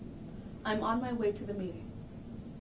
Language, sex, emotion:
English
female
neutral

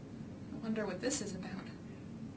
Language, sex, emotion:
English
female
neutral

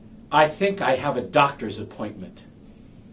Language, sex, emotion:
English
male
angry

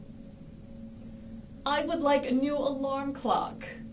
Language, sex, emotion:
English
female
neutral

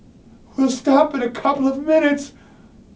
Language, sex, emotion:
English
male
fearful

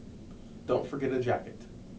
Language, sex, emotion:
English
male
neutral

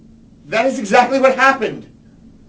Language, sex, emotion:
English
male
angry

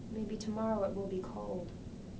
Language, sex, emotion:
English
female
sad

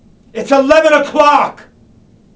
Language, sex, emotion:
English
male
angry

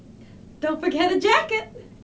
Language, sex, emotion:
English
female
happy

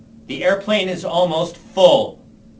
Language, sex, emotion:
English
male
angry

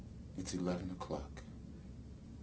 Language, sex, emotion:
English
male
neutral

